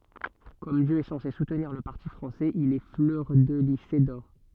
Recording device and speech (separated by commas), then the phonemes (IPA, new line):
soft in-ear microphone, read sentence
kɔm djø ɛ sɑ̃se sutniʁ lə paʁti fʁɑ̃sɛz il ɛ flœʁdəlize dɔʁ